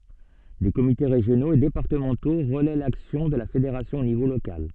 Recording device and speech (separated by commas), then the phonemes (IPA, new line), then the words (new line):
soft in-ear microphone, read sentence
de komite ʁeʒjonoz e depaʁtəmɑ̃to ʁəlɛ laksjɔ̃ də la fedeʁasjɔ̃ o nivo lokal
Des comités régionaux et départementaux relaient l'action de la fédération au niveau local.